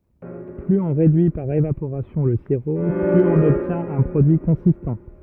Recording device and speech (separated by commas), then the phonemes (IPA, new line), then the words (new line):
rigid in-ear microphone, read sentence
plyz ɔ̃ ʁedyi paʁ evapoʁasjɔ̃ lə siʁo plyz ɔ̃n ɔbtjɛ̃t œ̃ pʁodyi kɔ̃sistɑ̃
Plus on réduit par évaporation le sirop, plus on obtient un produit consistant.